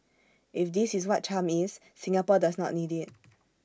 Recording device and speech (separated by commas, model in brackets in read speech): standing microphone (AKG C214), read sentence